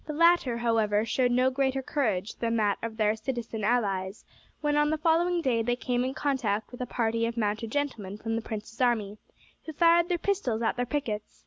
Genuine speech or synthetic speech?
genuine